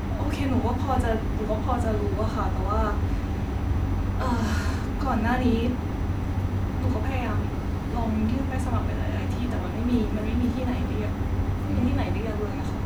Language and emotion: Thai, frustrated